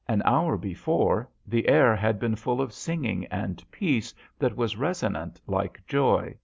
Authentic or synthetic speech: authentic